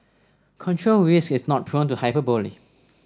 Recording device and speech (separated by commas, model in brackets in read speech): standing microphone (AKG C214), read sentence